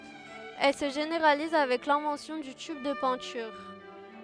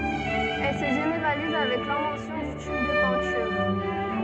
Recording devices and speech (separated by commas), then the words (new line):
headset microphone, soft in-ear microphone, read sentence
Elle se généralise avec l'invention du tube de peinture.